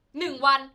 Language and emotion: Thai, angry